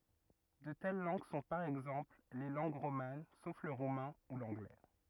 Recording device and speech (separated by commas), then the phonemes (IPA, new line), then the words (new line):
rigid in-ear microphone, read sentence
də tɛl lɑ̃ɡ sɔ̃ paʁ ɛɡzɑ̃pl le lɑ̃ɡ ʁoman sof lə ʁumɛ̃ u lɑ̃ɡlɛ
De telles langues sont, par exemple, les langues romanes, sauf le roumain, ou l’anglais.